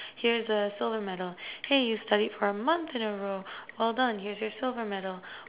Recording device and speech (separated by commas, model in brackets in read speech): telephone, conversation in separate rooms